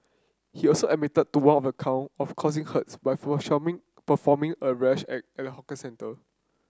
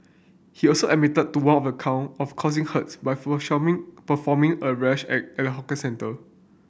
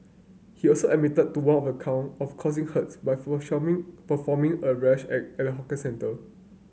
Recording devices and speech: close-talking microphone (WH30), boundary microphone (BM630), mobile phone (Samsung C9), read sentence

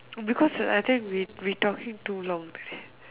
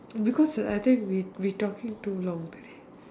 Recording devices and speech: telephone, standing microphone, conversation in separate rooms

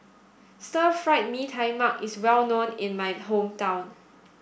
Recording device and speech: boundary microphone (BM630), read sentence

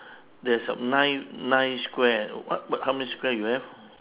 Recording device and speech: telephone, conversation in separate rooms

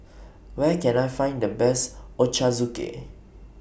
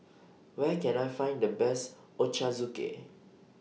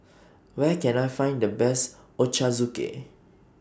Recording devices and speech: boundary microphone (BM630), mobile phone (iPhone 6), standing microphone (AKG C214), read sentence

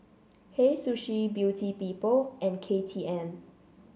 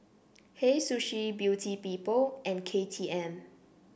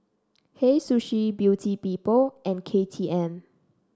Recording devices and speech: mobile phone (Samsung C7), boundary microphone (BM630), standing microphone (AKG C214), read sentence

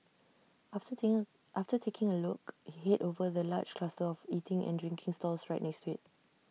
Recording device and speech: mobile phone (iPhone 6), read sentence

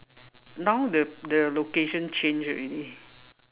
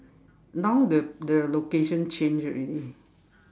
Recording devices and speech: telephone, standing microphone, conversation in separate rooms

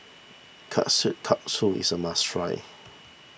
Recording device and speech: boundary microphone (BM630), read sentence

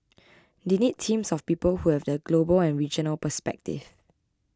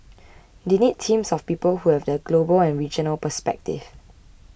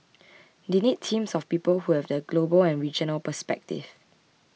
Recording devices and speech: close-talking microphone (WH20), boundary microphone (BM630), mobile phone (iPhone 6), read sentence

